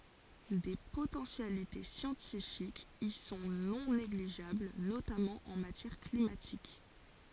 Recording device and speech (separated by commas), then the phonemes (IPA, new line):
forehead accelerometer, read sentence
de potɑ̃sjalite sjɑ̃tifikz i sɔ̃ nɔ̃ neɡliʒabl notamɑ̃ ɑ̃ matjɛʁ klimatik